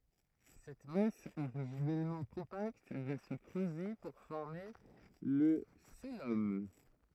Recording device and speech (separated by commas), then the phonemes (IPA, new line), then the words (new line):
throat microphone, read sentence
sɛt mas oʁiʒinɛlmɑ̃ kɔ̃pakt va sə kʁøze puʁ fɔʁme lə koəlom
Cette masse originellement compacte va se creuser pour former le cœlome.